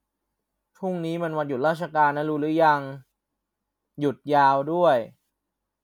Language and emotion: Thai, frustrated